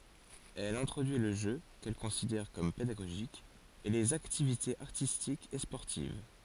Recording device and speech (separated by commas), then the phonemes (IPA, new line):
forehead accelerometer, read sentence
ɛl ɛ̃tʁodyi lə ʒø kɛl kɔ̃sidɛʁ kɔm pedaɡoʒik e lez aktivitez aʁtistikz e spɔʁtiv